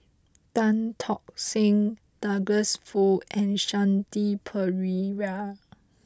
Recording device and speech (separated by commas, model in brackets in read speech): close-talking microphone (WH20), read sentence